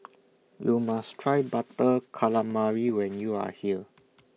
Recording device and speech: mobile phone (iPhone 6), read sentence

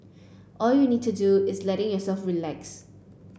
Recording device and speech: boundary microphone (BM630), read sentence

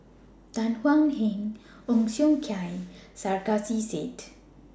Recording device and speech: standing microphone (AKG C214), read sentence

